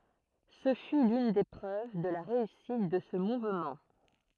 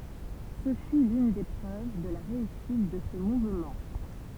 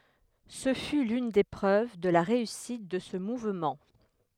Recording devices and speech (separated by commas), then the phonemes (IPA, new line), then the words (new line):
throat microphone, temple vibration pickup, headset microphone, read sentence
sə fy lyn de pʁøv də la ʁeysit də sə muvmɑ̃
Ce fut l'une des preuves de la réussite de ce mouvement.